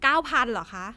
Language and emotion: Thai, neutral